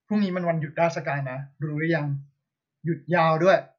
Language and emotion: Thai, frustrated